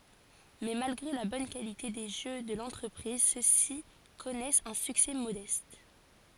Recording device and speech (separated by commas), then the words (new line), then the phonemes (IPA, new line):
forehead accelerometer, read sentence
Mais, malgré la bonne qualité des jeux de l'entreprise, ceux-ci connaissent un succès modeste.
mɛ malɡʁe la bɔn kalite de ʒø də lɑ̃tʁəpʁiz sø si kɔnɛst œ̃ syksɛ modɛst